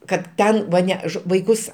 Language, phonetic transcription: Lithuanian, kad ˈten va ˈne ž vaiˈkus

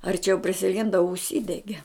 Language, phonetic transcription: Lithuanian, arˈčiau prisiˈlinda užˈsydege

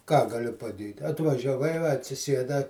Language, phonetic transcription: Lithuanian, ką gaˈliu paˈdėt' atvažiaˈvai va atsiˈsieda

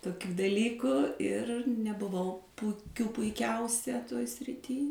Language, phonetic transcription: Lithuanian, toˈkių daˈlyku ir nebuˈvau puˈkių puiˈkiausia toj sriˈty

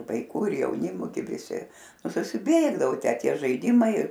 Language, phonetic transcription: Lithuanian, vaiˈkų ir jauˈnimu ˈgi viˈsi ˈnu susiˈbėgdavo ˈtę ˈtie žaiˈdimai

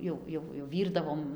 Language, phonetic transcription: Lithuanian, ˈjau ˈjau jau ˈvyrdavom

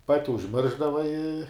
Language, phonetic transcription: Lithuanian, ˈpati užˈmiršdava i

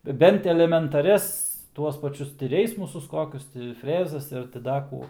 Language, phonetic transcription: Lithuanian, ˈbent elementaˈrias ˈtuos paˈčius ti ˈreismusus ˈkokius ti ˈfrezas ˈir ti ˈda kų

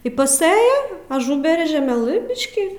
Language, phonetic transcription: Lithuanian, i paˈsɘja aˈžuberia žeˈmelɨ ˈbiški

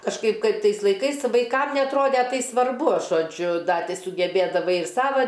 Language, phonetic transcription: Lithuanian, kažˈkaip ˈkaip ˈtais laiˈkais ˈvaikam neatˈrode ˈtai svarˈbu žoˈdžiu ˈda ˈti sugebėdaˈvai ˈsava

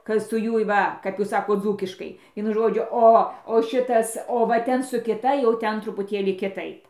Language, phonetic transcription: Lithuanian, ka su ˈjuoj ˈva kap ˈjūs ˈsakot ˈdzūkiškai ˈvienu ˈžodžiu ˈo o ˈšitas o va ˈten su kiˈta jau ˈten trupuˈtėlį kiˈtaip

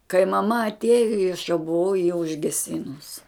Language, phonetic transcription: Lithuanian, kai maˈma atˈėjo i aš jau buˈvau ji užgeˈsinus

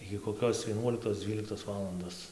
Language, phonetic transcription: Lithuanian, igi koˈkios vieˈnuoliktos ˈdzvyliktos ˈvalandos

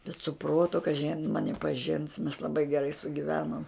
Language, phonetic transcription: Lithuanian, bet su ˈprotu kaˈži a jin ˈmani paˈžins mes laˈbai geˈrai sugiˈvenom

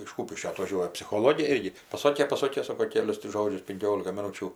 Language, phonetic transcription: Lithuanian, iš ˈkūpiškio atvaˈžiuoja psichoˈlogė ˈirgi paˈsokė paˈsokė ˈsoko ˈkelius ti ˈžodžius pinˈkiolika miˈnūčių

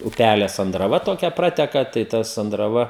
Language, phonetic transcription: Lithuanian, uˈpælė sandraˈva toˈkia ˈprateka tai ˈta sandraˈva

